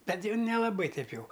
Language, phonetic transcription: Lithuanian, ˈbet ˈjau nelaˈbai ˈteip ˈjau

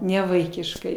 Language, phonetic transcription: Lithuanian, nevaikišˈkai

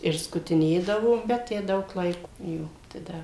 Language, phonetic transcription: Lithuanian, ir skutiˈnėdavo bet ˈtę ˈdaug ˈlaiko ˈjo tai ˈda

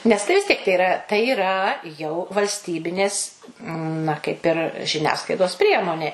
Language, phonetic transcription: Lithuanian, nes ˈtai vis ˈtiek tai iˈra tai yˈra jau valsˈtybinės na kaip ir žiˈniasklaidos ˈpriemonė

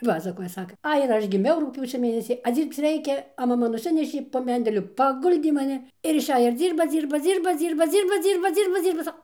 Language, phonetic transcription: Lithuanian, ˈpasakoja ˈsaka ˈai ir ˈaš giˈmiau rugˈpjūčio ˈmėnesį a ˈdzyrbc ˈreikia a maˈma nuˈsinešė po ˈmendeliu paˈguldė maˈni ir išˈej ir ˈdzyrba ˈdzyrba ˈdzyrba ˈdzyrba ˈdzyrba ˈdzyrba ˈdzyrba ˈdzyrba ˈsa

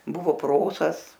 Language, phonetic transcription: Lithuanian, ˈbuvo ˈprosas

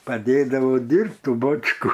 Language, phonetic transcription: Lithuanian, paˈdėdavo ˈdyrbt ˈtų ˈbočku

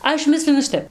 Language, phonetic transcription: Lithuanian, ˈaš ˈmislinu ˈšitep

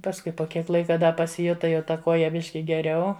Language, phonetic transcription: Lithuanian, pasˈkui po ˈkiek ˈlaika da pasiˈjuta jau ta ˈkuoja ˈbiški geˈriau

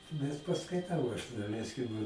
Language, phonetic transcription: Lithuanian, bet paskaiˈtau aš daˈleiskim

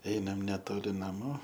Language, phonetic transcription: Lithuanian, ˈeinam neˈtoli naˈmų

